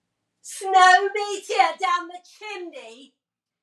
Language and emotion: English, disgusted